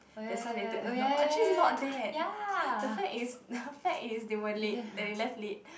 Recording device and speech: boundary microphone, conversation in the same room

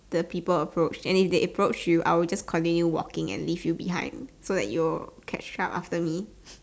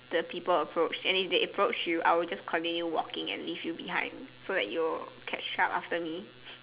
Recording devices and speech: standing microphone, telephone, conversation in separate rooms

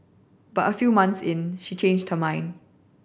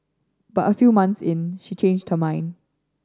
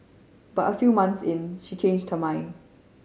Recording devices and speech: boundary microphone (BM630), standing microphone (AKG C214), mobile phone (Samsung C5010), read sentence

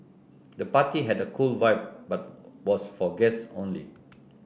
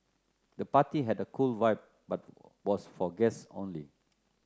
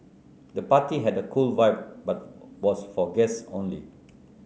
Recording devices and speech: boundary microphone (BM630), close-talking microphone (WH30), mobile phone (Samsung C9), read sentence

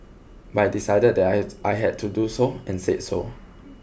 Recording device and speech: boundary microphone (BM630), read sentence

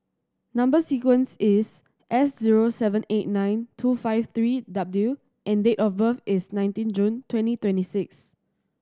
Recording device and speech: standing microphone (AKG C214), read sentence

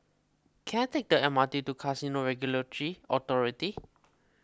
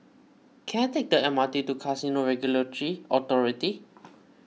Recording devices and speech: close-talking microphone (WH20), mobile phone (iPhone 6), read sentence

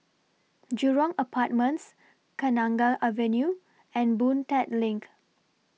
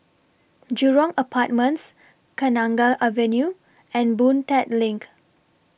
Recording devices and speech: mobile phone (iPhone 6), boundary microphone (BM630), read sentence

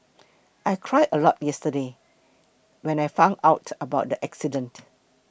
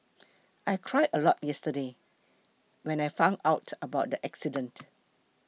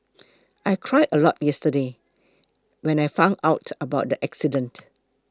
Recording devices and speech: boundary microphone (BM630), mobile phone (iPhone 6), close-talking microphone (WH20), read sentence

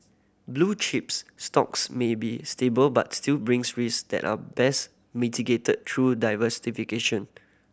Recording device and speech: boundary microphone (BM630), read sentence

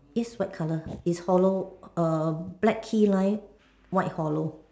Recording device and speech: standing microphone, conversation in separate rooms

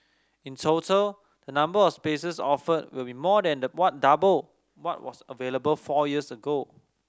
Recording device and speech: standing microphone (AKG C214), read sentence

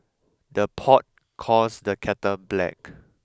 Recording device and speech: close-talking microphone (WH20), read sentence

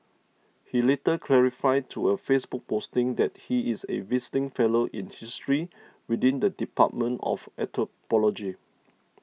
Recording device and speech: mobile phone (iPhone 6), read sentence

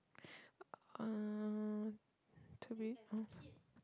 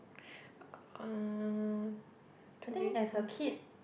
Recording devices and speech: close-talking microphone, boundary microphone, conversation in the same room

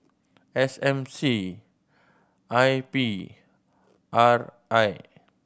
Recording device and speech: boundary microphone (BM630), read sentence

